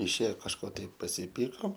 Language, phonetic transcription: Lithuanian, išˈėjo kažˈko ˈtaip pasiˈpykom

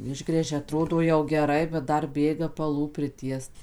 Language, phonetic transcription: Lithuanian, ˈišgręžia aˈtrodo jau geˈrai bet ˈdar ˈbėga paˈlų priˈtiest

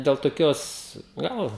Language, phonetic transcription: Lithuanian, del toˈkios ˈgal

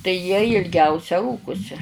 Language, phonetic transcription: Lithuanian, tai jie ilˈgiausia ˈrūkusi

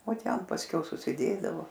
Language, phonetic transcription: Lithuanian, o ˈten pasˈkiau susiˈdėdavo

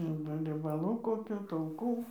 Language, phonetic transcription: Lithuanian, ˈarba riebaˈlų koˈkių tauˈkų

